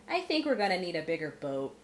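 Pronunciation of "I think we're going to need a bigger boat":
The t at the end of 'boat' is a glottal T, not a truly aspirated t.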